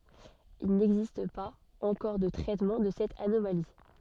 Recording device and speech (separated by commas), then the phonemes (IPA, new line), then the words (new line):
soft in-ear microphone, read sentence
il nɛɡzist paz ɑ̃kɔʁ də tʁɛtmɑ̃ də sɛt anomali
Il n'existe pas encore de traitement de cette anomalie.